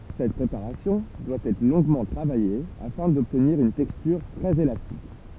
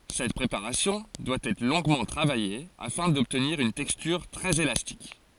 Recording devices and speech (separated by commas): temple vibration pickup, forehead accelerometer, read sentence